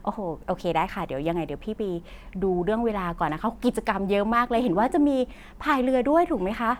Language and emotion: Thai, happy